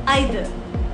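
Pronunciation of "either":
'Either' is pronounced with a British accent.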